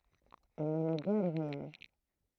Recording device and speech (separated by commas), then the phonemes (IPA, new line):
throat microphone, read sentence
il nɛmɛ ɡɛʁ le vwajaʒ